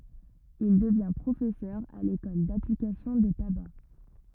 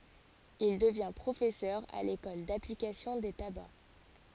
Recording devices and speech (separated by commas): rigid in-ear microphone, forehead accelerometer, read sentence